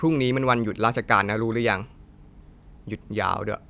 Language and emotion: Thai, frustrated